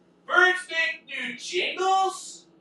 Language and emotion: English, disgusted